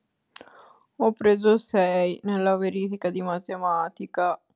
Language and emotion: Italian, sad